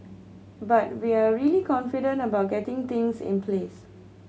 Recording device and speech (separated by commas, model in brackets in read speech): mobile phone (Samsung C7100), read sentence